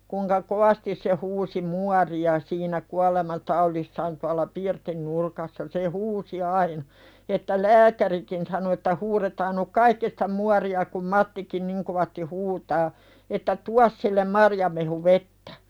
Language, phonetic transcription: Finnish, kuŋka "kovastis se huusi 'muari₍a siinä 'kualema"taulissaan tual̆la "pirtin 'nurkassa se "huusi aina , että "lääk̀ärikin sano että » huretaan nu̳k "kaikki sᴵtä 'muari₍a kum 'Mattikin 'niŋ kovasti "huutaa « , että » "tuas sillem "marjamehu'vettᴀ̈ « .
- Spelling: kuinka kovasti se huusi muoria siinä kuolemantaudissaan tuolla pirtin nurkassa se huusi aina että lääkärikin sanoi että huudetaan nyt kaikki sitä muoria kun Mattikin niin kovasti huutaa että tuo sille marjamehuvettä

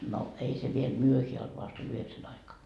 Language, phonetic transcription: Finnish, no , 'ei se viel 'myöheä olt vast ‿oĺ 'yheksän aikaa .
- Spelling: no ei se vielä myöhään ollut vasta oli yhdeksän aikaan

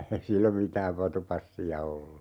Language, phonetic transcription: Finnish, ('ei) "sillom 'mitääv 'vatupassi₍a ollu .
- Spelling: ei silloin mitään vatupassia ollut

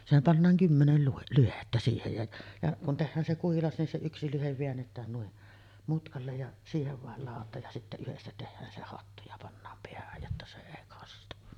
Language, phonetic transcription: Finnish, sehäm pannaaŋ "kymmenel luhe- 'lyhettä siihej ja , ja kun 'tehhään se 'kuhilas nin se 'yksi lyhev veännet̀ään nui’ , 'mutkallej ja , siihev vàel làot̆taaj ja sittä 'yhestä tehhään se "hattu ja pannaam 'peähäj jotta se 'èi kastu .
- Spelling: sehän pannaan kymmenen - lyhdettä siihen ja ja kun tehdään se kuhilas niin se yksi lyhde väännetään noin mutkalle ja siihen vain ladotaan ja sitten yhdestä tehdään se hattu ja pannaan päähän jotta se ei kastu

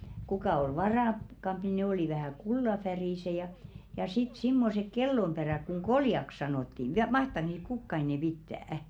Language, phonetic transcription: Finnish, 'kukà ol "varàkkampi ne oli vähä̀ 'kullafärìse ja , ja sit simmosek 'kellomʙerä̀k kuŋ "ɢoljak 'sanòtti (viä) 'mahtak niit "kukka enɛ̀ 'pittä̀₍ᵃ̈ ?
- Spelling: kuka oli varakkaampi ne oli vähän kullanväriset ja ja sitten semmoiset kellonperät kun koljaksi sanottiin vielä mahtaako niitä kukaan enää pitää

